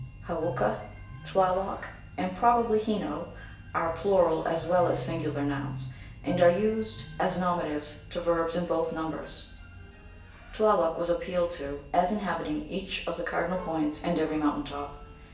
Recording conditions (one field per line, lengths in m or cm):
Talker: one person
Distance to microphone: 1.8 m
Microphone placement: close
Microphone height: 1.0 m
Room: large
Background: music